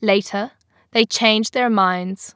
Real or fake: real